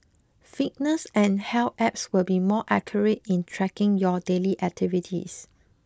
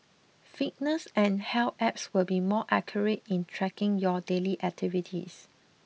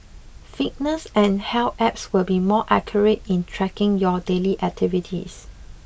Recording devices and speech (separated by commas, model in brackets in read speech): close-talking microphone (WH20), mobile phone (iPhone 6), boundary microphone (BM630), read sentence